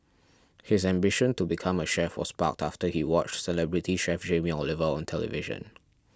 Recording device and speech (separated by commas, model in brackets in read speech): standing microphone (AKG C214), read sentence